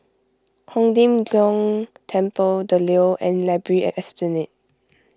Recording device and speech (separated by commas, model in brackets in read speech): close-talking microphone (WH20), read sentence